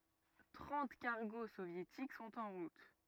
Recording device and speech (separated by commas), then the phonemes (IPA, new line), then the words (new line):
rigid in-ear microphone, read sentence
tʁɑ̃t kaʁɡo sovjetik sɔ̃t ɑ̃ ʁut
Trente cargos soviétiques sont en route.